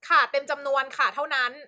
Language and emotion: Thai, angry